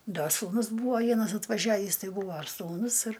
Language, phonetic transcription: Lithuanian, ˈda sūˈnus ˈbūva ˈvienas atvaˈžiavįs ˈtai ˈbūvo ar sūˈnus ir

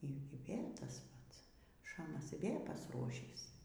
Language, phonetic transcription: Lithuanian, y ˈy ˈvėl' ˈtas ˈpats ˈšamas y ˈvė pasˈruošįs

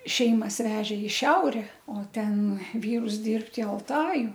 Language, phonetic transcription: Lithuanian, ˈšeimas ˈvežė i ˈšiaure o ˈten ˈvyrus ˈdirbt i alˈtaju

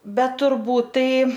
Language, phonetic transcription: Lithuanian, ˈbet turˈbūt ˈtai

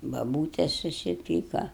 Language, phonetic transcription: Lithuanian, baˈbūtes susiˈpyka

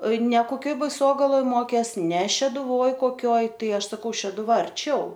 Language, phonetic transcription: Lithuanian, ne koˈkioj baiˈsogaloj ˈmokės ne šeduˈvoj koˈkioj ˈtai ˈaš saˈkau šeduˈva arˈčiau

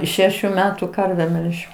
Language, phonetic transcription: Lithuanian, ˈšešiu ˈmetu ˈkarve ˈmelžiau

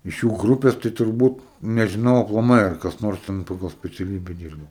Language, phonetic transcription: Lithuanian, iš ˈjų ˈgrupės tai turˈbūt nežiˈnau aplaˈmai ar kas ˈnors ˈten paˈgal speciaˈlybe ˈdyrbo

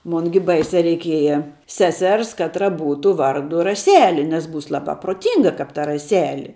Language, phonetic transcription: Lithuanian, ˈmon gi ˈbaisia reiˈkieja ˈsesers ˈkatra ˈbūtu ˈvardu raˈseli nes ˈbūs ˈlabā pruoˈtynga kap ta raˈseli

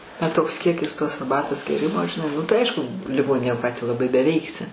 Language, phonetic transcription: Lithuanian, bet ˈtoks ˈkiekis tos arˈbatos gėˈrimo žiˈnai nu tai ˈaišku liˈgoninėj o ˈką tę laˈbai beˈveiksi

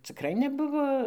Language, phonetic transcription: Lithuanian, ciˈkrai neˈbuvo

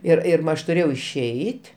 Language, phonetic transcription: Lithuanian, ˈir ir ˈma ˈaš tuˈrėjau išˈeit'

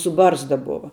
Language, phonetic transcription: Lithuanian, su ˈbarzda ˈbova

